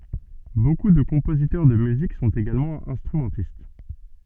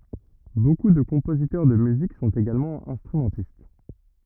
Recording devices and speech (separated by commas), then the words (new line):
soft in-ear microphone, rigid in-ear microphone, read sentence
Beaucoup de compositeurs de musique sont également instrumentistes.